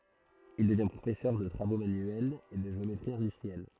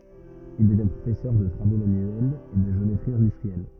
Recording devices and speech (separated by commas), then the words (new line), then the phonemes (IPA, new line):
throat microphone, rigid in-ear microphone, read sentence
Il devient professeur de travaux manuels et de géométrie industrielle.
il dəvjɛ̃ pʁofɛsœʁ də tʁavo manyɛlz e də ʒeometʁi ɛ̃dystʁiɛl